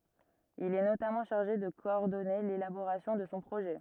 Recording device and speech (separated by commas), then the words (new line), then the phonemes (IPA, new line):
rigid in-ear microphone, read sentence
Il est notamment chargé de coordonner l'élaboration de son projet.
il ɛ notamɑ̃ ʃaʁʒe də kɔɔʁdɔne lelaboʁasjɔ̃ də sɔ̃ pʁoʒɛ